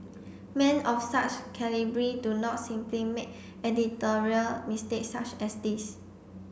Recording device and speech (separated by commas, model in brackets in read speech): boundary microphone (BM630), read sentence